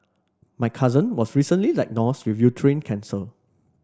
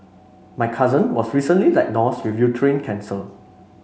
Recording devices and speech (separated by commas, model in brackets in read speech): standing microphone (AKG C214), mobile phone (Samsung C5), read sentence